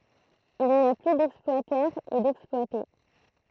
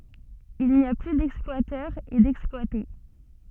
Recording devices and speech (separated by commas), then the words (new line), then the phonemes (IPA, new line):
throat microphone, soft in-ear microphone, read sentence
Il n'y a plus d'exploiteurs et d'exploités.
il ni a ply dɛksplwatœʁz e dɛksplwate